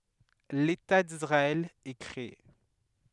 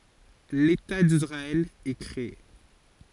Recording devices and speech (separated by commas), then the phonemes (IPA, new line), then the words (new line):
headset microphone, forehead accelerometer, read sentence
leta disʁaɛl ɛ kʁee
L'État d’Israël est créé.